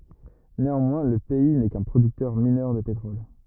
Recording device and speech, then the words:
rigid in-ear microphone, read sentence
Néanmoins, le pays n'est qu'un producteur mineur de pétrole.

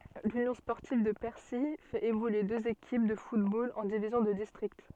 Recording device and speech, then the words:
soft in-ear microphone, read sentence
L'Union sportive de Percy fait évoluer deux équipes de football en divisions de district.

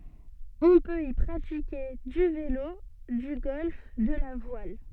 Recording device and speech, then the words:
soft in-ear microphone, read sentence
On peut y pratiquer du vélo, du golf, de la voile.

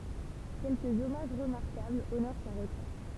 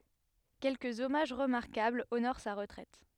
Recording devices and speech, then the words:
temple vibration pickup, headset microphone, read sentence
Quelques hommages remarquables honorent sa retraite.

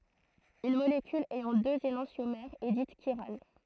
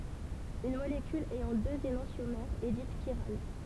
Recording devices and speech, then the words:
throat microphone, temple vibration pickup, read sentence
Une molécule ayant deux énantiomères est dite chirale.

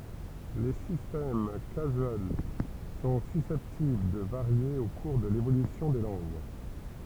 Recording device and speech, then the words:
temple vibration pickup, read sentence
Les systèmes casuels sont susceptibles de varier au cours de l'évolution des langues.

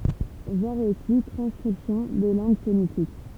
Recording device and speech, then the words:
temple vibration pickup, read sentence
Voir aussi Transcription des langues sémitiques.

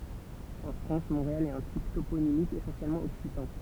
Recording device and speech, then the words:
temple vibration pickup, read sentence
En France, Montréal est un type toponymique essentiellement occitan.

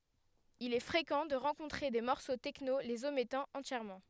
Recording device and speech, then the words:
headset microphone, read sentence
Il est fréquent de rencontrer des morceaux techno les omettant entièrement.

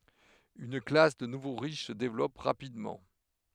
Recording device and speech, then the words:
headset microphone, read sentence
Une classe de nouveaux riches se développe rapidement.

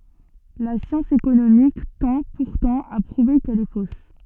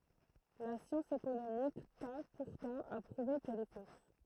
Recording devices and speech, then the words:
soft in-ear microphone, throat microphone, read sentence
La science économique tend, pourtant, à prouver qu’elle est fausse.

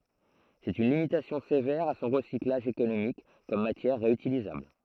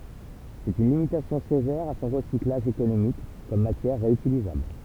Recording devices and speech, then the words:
throat microphone, temple vibration pickup, read sentence
C'est une limitation sévère à son recyclage économique comme matière réutilisable.

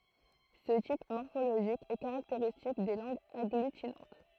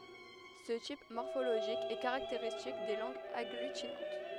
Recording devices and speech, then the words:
throat microphone, headset microphone, read sentence
Ce type morphologique est caractéristique des langues agglutinantes.

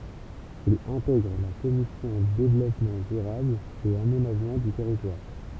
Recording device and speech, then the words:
temple vibration pickup, read sentence
Il intègre la commission Développement durable et aménagement du territoire.

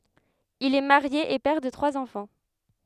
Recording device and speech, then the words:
headset microphone, read sentence
Il est marié et père de trois enfants.

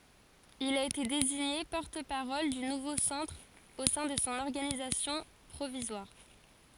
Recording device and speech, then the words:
forehead accelerometer, read sentence
Il a été désigné porte-parole du Nouveau Centre au sein de son organisation provisoire.

